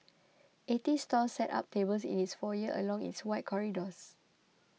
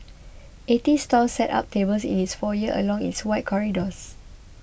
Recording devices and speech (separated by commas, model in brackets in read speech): mobile phone (iPhone 6), boundary microphone (BM630), read sentence